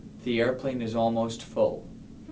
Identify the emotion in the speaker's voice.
neutral